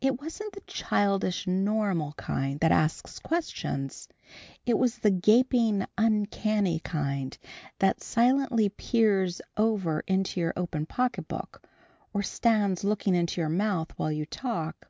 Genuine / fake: genuine